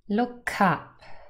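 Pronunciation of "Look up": In 'look up', the k at the end of 'look' joins onto 'up', so 'up' sounds like 'cup'.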